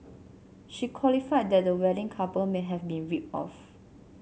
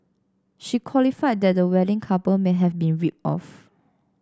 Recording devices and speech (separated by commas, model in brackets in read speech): mobile phone (Samsung C7), standing microphone (AKG C214), read sentence